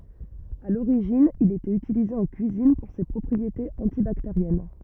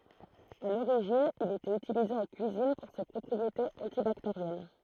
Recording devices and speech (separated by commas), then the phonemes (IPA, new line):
rigid in-ear microphone, throat microphone, read sentence
a loʁiʒin il etɛt ytilize ɑ̃ kyizin puʁ se pʁɔpʁietez ɑ̃tibakteʁjɛn